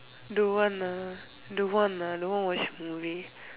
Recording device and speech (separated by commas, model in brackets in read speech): telephone, conversation in separate rooms